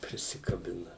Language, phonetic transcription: Lithuanian, prisikaˈbina

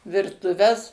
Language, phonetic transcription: Lithuanian, virtuˈves

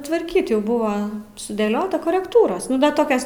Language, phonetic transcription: Lithuanian, tvarˈkyt' ˈjau ˈbuva sudėˈliota korekˈtūros ˈnu da ˈtokios

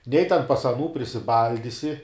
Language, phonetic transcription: Lithuanian, nei ten pas aˈnų prisiˈbaldisi

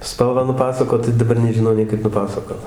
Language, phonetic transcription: Lithuanian, ˈspalvą nuˈpasakot tai daˈbar nežiˈnau nei ˈkaip paˈpasakot

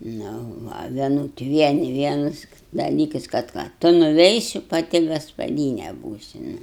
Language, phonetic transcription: Lithuanian, nu ˈva vieˈnut ˈvieni ˈvienas daˈlykas kad ˈką ˈtu nuˈveisi paˈti gaspaˈdyne ˈbūsi nu

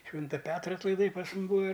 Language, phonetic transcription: Lithuanian, ˈšvinta ˈpetra atlaiˈdai pas ˈmum ˈbūa

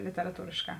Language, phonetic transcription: Lithuanian, literaˈtūrėšˌkā

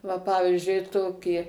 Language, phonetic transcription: Lithuanian, va ˈpavizdžiui ˈtokį

